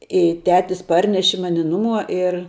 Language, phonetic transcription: Lithuanian, i ˈtetis ˈparneši ˈmani ˈnuˌmuo ir

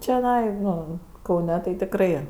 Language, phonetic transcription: Lithuanian, čioˈnai ˈno kauˈne tai tikˈrai

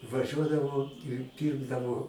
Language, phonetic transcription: Lithuanian, vaˈžiuodavo ir ˈpyrkdavo

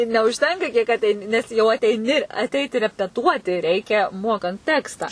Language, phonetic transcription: Lithuanian, ir neužˈtenka kiek atˈeini nes jau ateiˈni atˈeiti repeˈtuoti ˈreikia ˈmokant ˈtekstą

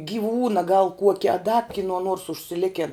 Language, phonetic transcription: Lithuanian, giˈvūna gal ˈkuokia a da kiˈnuo nuors užsiˈliken

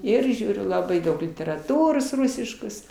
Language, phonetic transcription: Lithuanian, ˈir ˈžiūriu laˈbai ˈdaug literaˈtūros ˈrusiškos

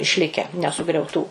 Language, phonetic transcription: Lithuanian, išˈlike nesugriauˈtų

